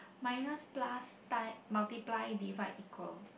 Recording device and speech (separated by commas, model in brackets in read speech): boundary microphone, conversation in the same room